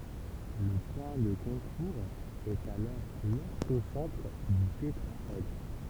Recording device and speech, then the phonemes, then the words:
temple vibration pickup, read sentence
lə pwɛ̃ də kɔ̃kuʁz ɛt alɔʁ lɔʁtosɑ̃tʁ dy tetʁaɛdʁ
Le point de concours est alors l'orthocentre du tétraèdre.

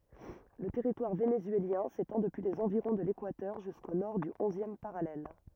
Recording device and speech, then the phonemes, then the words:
rigid in-ear microphone, read sentence
lə tɛʁitwaʁ venezyeljɛ̃ setɑ̃ dəpyi lez ɑ̃viʁɔ̃ də lekwatœʁ ʒysko nɔʁ dy ɔ̃zjɛm paʁalɛl
Le territoire vénézuélien s'étend depuis les environs de l'équateur jusqu'au nord du onzième parallèle.

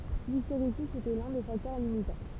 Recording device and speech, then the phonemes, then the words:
temple vibration pickup, read sentence
listeʁezi etɛ lœ̃ de faktœʁ limitɑ̃
L'hystérésis était l'un des facteurs limitants.

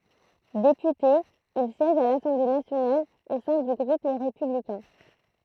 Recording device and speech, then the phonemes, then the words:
throat microphone, read sentence
depyte il sjɛʒ a lasɑ̃ble nasjonal o sɛ̃ dy ɡʁup le ʁepyblikɛ̃
Député, il siège à l'Assemblée nationale au sein du groupe Les Républicains.

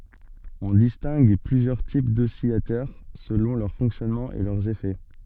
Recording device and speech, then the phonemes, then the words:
soft in-ear microphone, read sentence
ɔ̃ distɛ̃ɡ plyzjœʁ tip dɔsilatœʁ səlɔ̃ lœʁ fɔ̃ksjɔnmɑ̃ e lœʁz efɛ
On distingue plusieurs types d'oscillateurs selon leur fonctionnement et leurs effets.

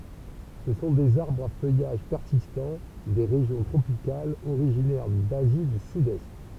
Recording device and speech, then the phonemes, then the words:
temple vibration pickup, read sentence
sə sɔ̃ dez aʁbʁz a fœjaʒ pɛʁsistɑ̃ de ʁeʒjɔ̃ tʁopikalz oʁiʒinɛʁ dazi dy sydɛst
Ce sont des arbres à feuillage persistant, des régions tropicales, originaires d'Asie du Sud-Est.

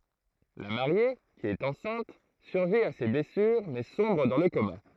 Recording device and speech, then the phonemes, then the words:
throat microphone, read sentence
la maʁje ki ɛt ɑ̃sɛ̃t syʁvi a se blɛsyʁ mɛ sɔ̃bʁ dɑ̃ lə koma
La Mariée, qui est enceinte, survit à ses blessures mais sombre dans le coma.

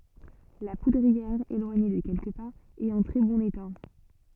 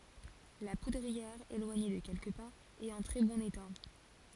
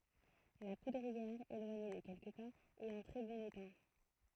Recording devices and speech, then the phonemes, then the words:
soft in-ear microphone, forehead accelerometer, throat microphone, read sentence
la pudʁiɛʁ elwaɲe də kɛlkə paz ɛt ɑ̃ tʁɛ bɔ̃n eta
La poudrière, éloignée de quelques pas, est en très bon état.

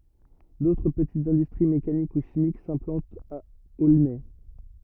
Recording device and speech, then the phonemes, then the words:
rigid in-ear microphone, read sentence
dotʁ pətitz ɛ̃dystʁi mekanik u ʃimik sɛ̃plɑ̃tt a olnɛ
D’autres petites industries mécaniques ou chimiques s’implantent à Aulnay.

